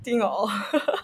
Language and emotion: Thai, happy